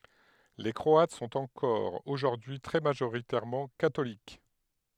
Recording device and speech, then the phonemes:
headset microphone, read sentence
le kʁɔat sɔ̃t ɑ̃kɔʁ oʒuʁdyi y tʁɛ maʒoʁitɛʁmɑ̃ katolik

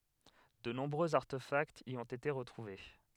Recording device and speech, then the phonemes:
headset microphone, read sentence
də nɔ̃bʁøz aʁtefaktz i ɔ̃t ete ʁətʁuve

